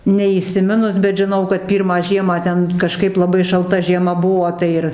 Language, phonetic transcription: Lithuanian, neįsiˈminus bet žiˈnau kad ˈpyrmą ˈžiemą ˈten kaˈžkaip laˈbai šalˈta žieˈma ˈbuo ˈtai ir

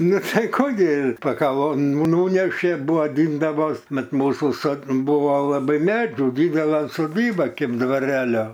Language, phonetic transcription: Lithuanian, ˈnu ˈtai ˈkų gi pakaˈvon ˈnūnešė ˈbuo vaˈdindavos ˈmat ˈmūsu so ˈbuvo laˈbai ˈmedžiu ˈdydela soˈdyba ˈkėp dvaˈrelio

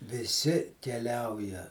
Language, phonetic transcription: Lithuanian, viˈsi keˈliauja

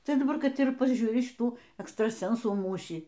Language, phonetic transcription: Lithuanian, ˈtai daˈbar ˈkad ir paˈžiūri šiˈtų ekstraˈsensų ˈmūšį

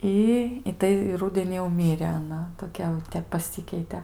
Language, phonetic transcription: Lithuanian, ˈi i ˈtai i ˈrudenį jau ˈmirė aˈna toˈkia jauˈtep paˈsikeite

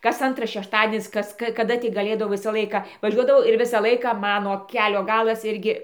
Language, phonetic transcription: Lithuanian, kas ˈantras šešˈtadienis ˈkas ˈka kaˈda tik gaˈlėdavau ˈvisa ˈlaika vaˈžiuodavau ir ˈvisą ˈlaiką ˈmano ˈkelio ˈgalas ˈirgi

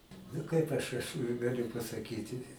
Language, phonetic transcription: Lithuanian, nu ˈkaip aš aš gaˈliu pasaˈkyti

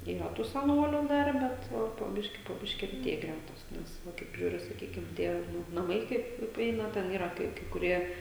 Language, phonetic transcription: Lithuanian, yˈra tų seˈnoliu ˈdar ˈbet ˈpo po ˈbiškį po ˈbiškį reˈtėja ˈgrætos ˈnes ˈva kaip ˈyra saˈkykim ˈtie ˈnu naˈmai ˈkaip priˈeina ˈten ˈyra kai kai kuˈrie

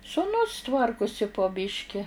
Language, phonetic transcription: Lithuanian, suˈnus ˈtvarkusi po ˈbiški

